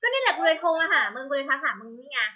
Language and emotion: Thai, frustrated